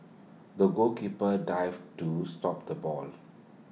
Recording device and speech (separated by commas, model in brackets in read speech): mobile phone (iPhone 6), read sentence